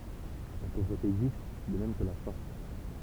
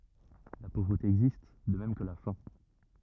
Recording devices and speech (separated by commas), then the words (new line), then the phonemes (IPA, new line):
temple vibration pickup, rigid in-ear microphone, read sentence
La pauvreté existe, de même que la faim.
la povʁəte ɛɡzist də mɛm kə la fɛ̃